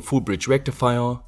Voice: in booming voice